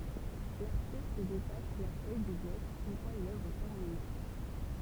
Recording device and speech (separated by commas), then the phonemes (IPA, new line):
temple vibration pickup, read sentence
laʁtist detaʃ la fœj dy blɔk yn fwa lœvʁ tɛʁmine